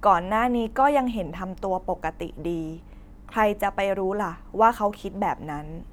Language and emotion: Thai, neutral